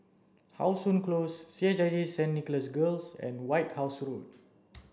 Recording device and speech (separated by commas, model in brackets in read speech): standing microphone (AKG C214), read sentence